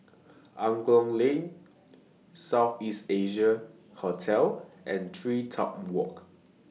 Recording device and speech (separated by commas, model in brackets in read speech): mobile phone (iPhone 6), read sentence